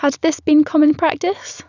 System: none